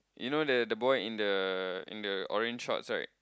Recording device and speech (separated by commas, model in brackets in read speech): close-talking microphone, conversation in the same room